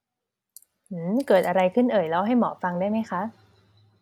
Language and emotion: Thai, neutral